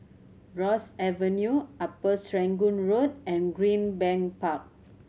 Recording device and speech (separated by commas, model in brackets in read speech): mobile phone (Samsung C7100), read sentence